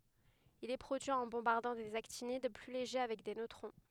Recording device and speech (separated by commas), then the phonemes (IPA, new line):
headset microphone, read sentence
il ɛ pʁodyi ɑ̃ bɔ̃baʁdɑ̃ dez aktinid ply leʒe avɛk de nøtʁɔ̃